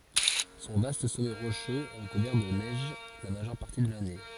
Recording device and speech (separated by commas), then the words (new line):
forehead accelerometer, read sentence
Son vaste sommet rocheux est recouvert de neige la majeure partie de l'année.